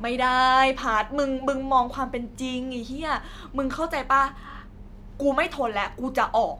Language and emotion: Thai, frustrated